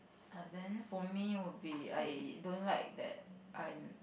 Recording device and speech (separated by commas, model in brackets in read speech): boundary microphone, conversation in the same room